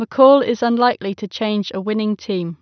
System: none